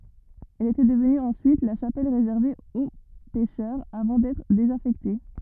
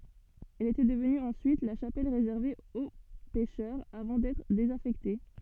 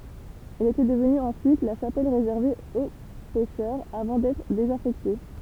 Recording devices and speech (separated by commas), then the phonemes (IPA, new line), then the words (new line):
rigid in-ear microphone, soft in-ear microphone, temple vibration pickup, read sentence
ɛl etɛ dəvny ɑ̃syit la ʃapɛl ʁezɛʁve o pɛʃœʁz avɑ̃ dɛtʁ dezafɛkte
Elle était devenue ensuite la chapelle réservée aux pêcheurs avant d'être désaffectée.